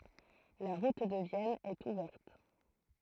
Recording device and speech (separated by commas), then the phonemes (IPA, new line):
throat microphone, read sentence
la ʁut də vjɛn ɛt uvɛʁt